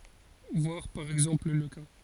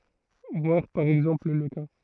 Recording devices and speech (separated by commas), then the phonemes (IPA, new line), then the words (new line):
forehead accelerometer, throat microphone, read sentence
vwaʁ paʁ ɛɡzɑ̃pl lə ka
Voir par exemple le cas.